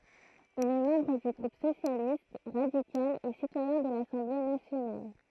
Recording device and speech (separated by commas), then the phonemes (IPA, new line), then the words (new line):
throat microphone, read sentence
il ɛ mɑ̃bʁ dy ɡʁup sosjalist ʁadikal e sitwajɛ̃ də lasɑ̃ble nasjonal
Il est membre du groupe Socialiste, radical et citoyen de l'Assemblée nationale.